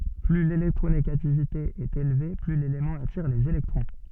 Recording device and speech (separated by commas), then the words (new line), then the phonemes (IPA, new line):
soft in-ear microphone, read sentence
Plus l'électronégativité est élevée, plus l'élément attire les électrons.
ply lelɛktʁoneɡativite ɛt elve ply lelemɑ̃ atiʁ lez elɛktʁɔ̃